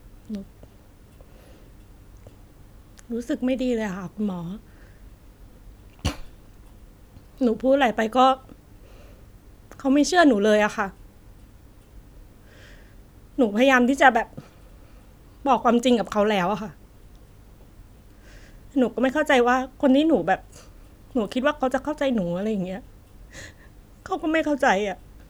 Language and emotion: Thai, sad